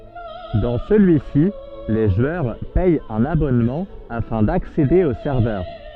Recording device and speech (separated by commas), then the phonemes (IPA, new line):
soft in-ear microphone, read sentence
dɑ̃ səlyi si le ʒwœʁ pɛt œ̃n abɔnmɑ̃ afɛ̃ daksede o sɛʁvœʁ